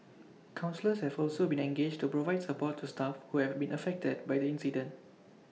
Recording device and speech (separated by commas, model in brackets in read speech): mobile phone (iPhone 6), read sentence